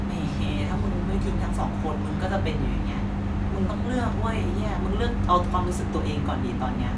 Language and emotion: Thai, neutral